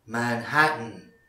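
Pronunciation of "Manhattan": In 'Manhattan', no t sound is heard.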